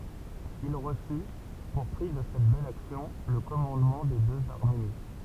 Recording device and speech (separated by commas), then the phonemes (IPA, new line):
temple vibration pickup, read sentence
il ʁəsy puʁ pʁi də sɛt bɛl aksjɔ̃ lə kɔmɑ̃dmɑ̃ de døz aʁmeni